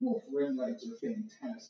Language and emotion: English, sad